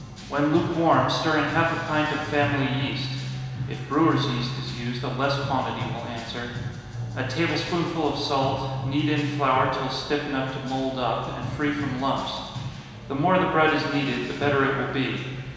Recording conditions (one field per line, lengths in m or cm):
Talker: one person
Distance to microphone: 1.7 m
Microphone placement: close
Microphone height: 1.0 m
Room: very reverberant, large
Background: music